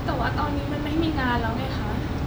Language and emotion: Thai, sad